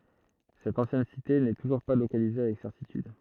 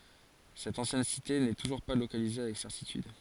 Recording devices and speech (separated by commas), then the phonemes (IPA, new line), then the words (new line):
throat microphone, forehead accelerometer, read sentence
sɛt ɑ̃sjɛn site nɛ tuʒuʁ pa lokalize avɛk sɛʁtityd
Cette ancienne cité n'est toujours pas localisée avec certitude.